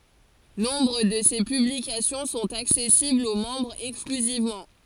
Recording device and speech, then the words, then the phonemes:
forehead accelerometer, read sentence
Nombre de ces publications sont accessibles aux membres exclusivement.
nɔ̃bʁ də se pyblikasjɔ̃ sɔ̃t aksɛsiblz o mɑ̃bʁz ɛksklyzivmɑ̃

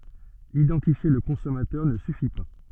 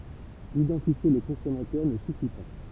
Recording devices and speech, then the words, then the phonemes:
soft in-ear microphone, temple vibration pickup, read sentence
Identifier le consommateur ne suffit pas.
idɑ̃tifje lə kɔ̃sɔmatœʁ nə syfi pa

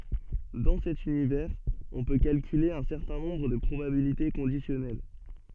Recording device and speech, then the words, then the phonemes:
soft in-ear microphone, read sentence
Dans cet univers, on peut calculer un certain nombre de probabilités conditionnelles.
dɑ̃ sɛt ynivɛʁz ɔ̃ pø kalkyle œ̃ sɛʁtɛ̃ nɔ̃bʁ də pʁobabilite kɔ̃disjɔnɛl

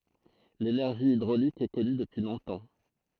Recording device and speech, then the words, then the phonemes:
throat microphone, read sentence
L’énergie hydraulique est connue depuis longtemps.
lenɛʁʒi idʁolik ɛ kɔny dəpyi lɔ̃tɑ̃

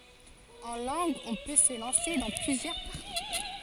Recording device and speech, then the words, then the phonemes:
forehead accelerometer, read sentence
En langues, on peut se lancer dans plusieurs parcours.
ɑ̃ lɑ̃ɡz ɔ̃ pø sə lɑ̃se dɑ̃ plyzjœʁ paʁkuʁ

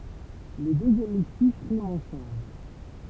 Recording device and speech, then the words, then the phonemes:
temple vibration pickup, read sentence
Les deux hémistiches riment ensemble.
le døz emistiʃ ʁimt ɑ̃sɑ̃bl

